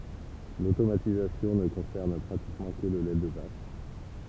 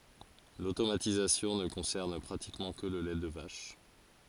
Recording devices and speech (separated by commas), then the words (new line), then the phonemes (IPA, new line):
temple vibration pickup, forehead accelerometer, read sentence
L'automatisation ne concerne pratiquement que le lait de vache.
lotomatizasjɔ̃ nə kɔ̃sɛʁn pʁatikmɑ̃ kə lə lɛ də vaʃ